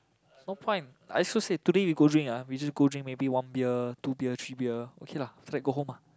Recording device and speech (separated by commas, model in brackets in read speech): close-talking microphone, conversation in the same room